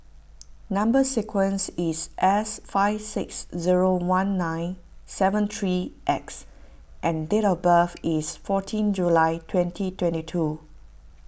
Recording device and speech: boundary microphone (BM630), read sentence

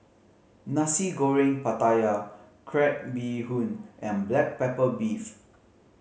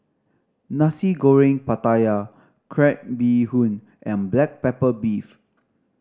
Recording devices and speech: mobile phone (Samsung C5010), standing microphone (AKG C214), read sentence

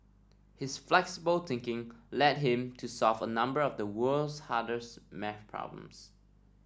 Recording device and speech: standing microphone (AKG C214), read sentence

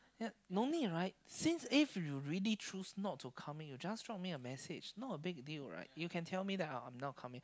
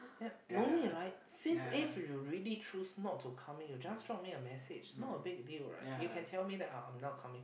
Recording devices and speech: close-talking microphone, boundary microphone, conversation in the same room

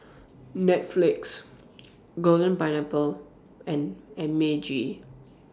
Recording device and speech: standing microphone (AKG C214), read sentence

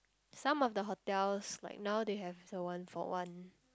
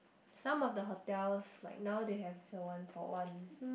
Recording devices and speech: close-talking microphone, boundary microphone, conversation in the same room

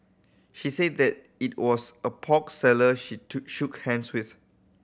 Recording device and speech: boundary microphone (BM630), read sentence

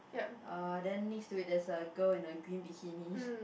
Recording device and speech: boundary microphone, conversation in the same room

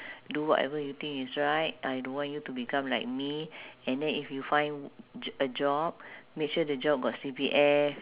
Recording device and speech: telephone, conversation in separate rooms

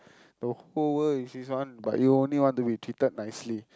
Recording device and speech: close-talking microphone, conversation in the same room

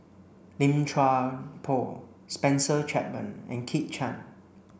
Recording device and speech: boundary microphone (BM630), read sentence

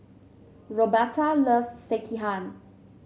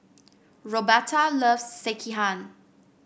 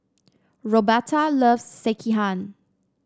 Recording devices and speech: mobile phone (Samsung C7), boundary microphone (BM630), standing microphone (AKG C214), read sentence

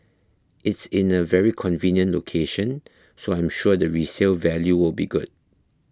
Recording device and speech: close-talking microphone (WH20), read sentence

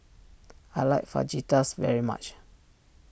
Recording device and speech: boundary microphone (BM630), read sentence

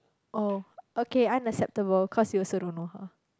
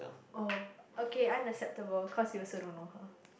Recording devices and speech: close-talking microphone, boundary microphone, conversation in the same room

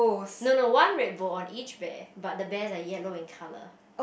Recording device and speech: boundary microphone, conversation in the same room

